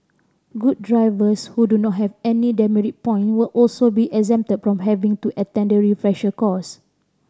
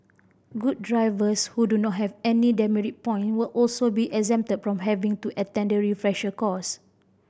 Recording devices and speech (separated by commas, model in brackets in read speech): standing microphone (AKG C214), boundary microphone (BM630), read sentence